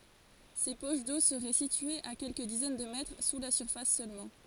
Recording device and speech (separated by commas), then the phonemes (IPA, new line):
forehead accelerometer, read sentence
se poʃ do səʁɛ sityez a kɛlkə dizɛn də mɛtʁ su la syʁfas sølmɑ̃